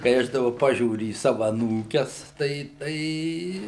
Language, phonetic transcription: Lithuanian, kai ˈaš daˈba ˈpažiūriu į ˈsava aˈnūkes ˈtai ˈtai

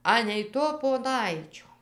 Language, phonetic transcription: Lithuanian, ˈanei to poˈnaičio

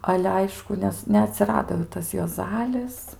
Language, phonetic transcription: Lithuanian, ˈale ˈaišku ˈnes neaˈtsirado jau ˈtas juoˈzalis

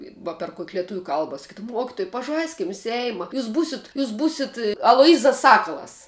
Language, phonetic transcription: Lithuanian, va per kok' leˈtuvių ˈkalba saˈkydavum ˈmuokituj paˈžaiskim ˈseima ˈjūs ˈbūsit ˈjūs ˈbūsit aloˈjyzas ˈsakalas

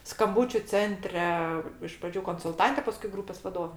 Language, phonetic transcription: Lithuanian, skamˈbūčiu ˈcentre iš praˈdžių konsulˈtante paˈskui ˈgrūpės vaˈdove

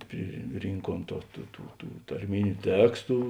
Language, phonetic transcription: Lithuanian, priˈrynkuom to ˈtų tų tų tarˈminiu ˈtekstu

